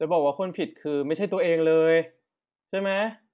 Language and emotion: Thai, frustrated